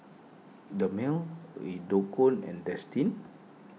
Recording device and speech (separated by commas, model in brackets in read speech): mobile phone (iPhone 6), read sentence